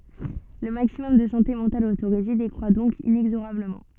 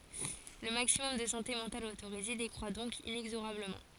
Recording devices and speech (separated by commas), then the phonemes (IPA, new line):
soft in-ear microphone, forehead accelerometer, read sentence
lə maksimɔm də sɑ̃te mɑ̃tal otoʁize dekʁwa dɔ̃k inɛɡzoʁabləmɑ̃